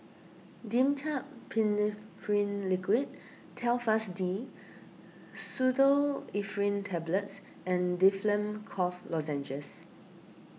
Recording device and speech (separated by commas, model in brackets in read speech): mobile phone (iPhone 6), read sentence